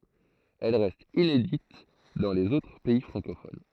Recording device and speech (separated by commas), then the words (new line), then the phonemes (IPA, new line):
throat microphone, read sentence
Elle reste inédite dans les autres pays francophones.
ɛl ʁɛst inedit dɑ̃ lez otʁ pɛi fʁɑ̃kofon